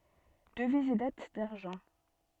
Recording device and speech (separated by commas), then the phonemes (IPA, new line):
soft in-ear microphone, read sentence
dəviz e dat daʁʒɑ̃